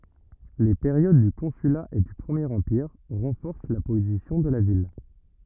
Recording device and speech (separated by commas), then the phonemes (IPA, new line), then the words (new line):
rigid in-ear microphone, read sentence
le peʁjod dy kɔ̃syla e dy pʁəmjeʁ ɑ̃piʁ ʁɑ̃fɔʁs la pozisjɔ̃ də la vil
Les périodes du Consulat et du Premier Empire renforcent la position de la ville.